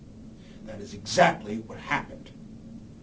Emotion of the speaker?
angry